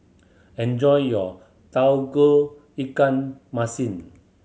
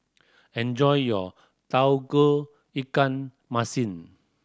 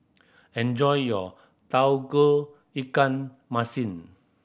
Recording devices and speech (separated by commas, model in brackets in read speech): mobile phone (Samsung C7100), standing microphone (AKG C214), boundary microphone (BM630), read sentence